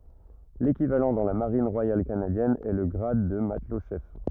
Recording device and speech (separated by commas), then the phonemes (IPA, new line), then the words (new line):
rigid in-ear microphone, read sentence
lekivalɑ̃ dɑ̃ la maʁin ʁwajal kanadjɛn ɛ lə ɡʁad də matlɔtʃɛf
L'équivalent dans la Marine royale canadienne est le grade de matelot-chef.